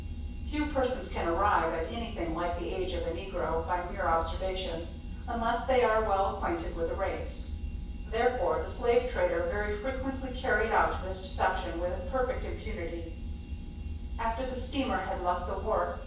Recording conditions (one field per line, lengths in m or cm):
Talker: one person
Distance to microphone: 9.8 m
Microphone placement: far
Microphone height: 1.8 m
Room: large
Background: none